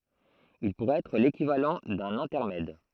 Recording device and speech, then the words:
throat microphone, read sentence
Il pourrait être l'équivalent d’un intermède.

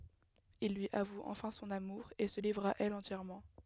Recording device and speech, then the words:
headset microphone, read sentence
Il lui avoue enfin son amour, et se livre à elle entièrement.

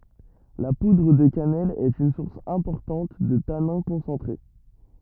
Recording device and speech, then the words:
rigid in-ear microphone, read sentence
La poudre de cannelle est une source importante de tanins concentrés.

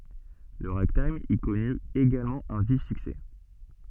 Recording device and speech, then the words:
soft in-ear microphone, read sentence
Le ragtime y connut également un vif succès.

